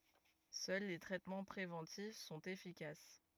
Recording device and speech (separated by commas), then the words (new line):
rigid in-ear microphone, read sentence
Seuls les traitements préventifs sont efficaces.